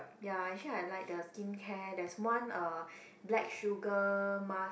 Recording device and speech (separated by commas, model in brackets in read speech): boundary microphone, conversation in the same room